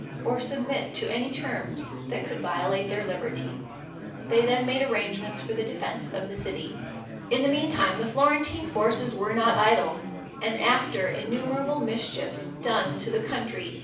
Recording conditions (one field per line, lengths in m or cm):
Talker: one person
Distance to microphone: 5.8 m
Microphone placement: far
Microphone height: 1.8 m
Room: medium-sized (5.7 m by 4.0 m)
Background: babble